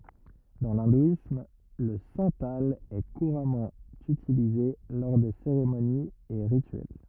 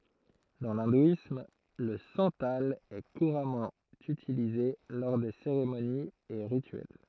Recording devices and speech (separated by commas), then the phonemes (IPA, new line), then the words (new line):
rigid in-ear microphone, throat microphone, read sentence
dɑ̃ lɛ̃dwism lə sɑ̃tal ɛ kuʁamɑ̃ ytilize lɔʁ de seʁemoniz e ʁityɛl
Dans l’hindouisme, le santal est couramment utilisé lors des cérémonies et rituels.